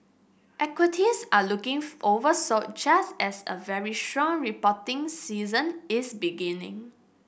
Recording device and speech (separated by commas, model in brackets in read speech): boundary microphone (BM630), read sentence